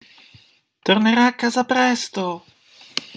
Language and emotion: Italian, happy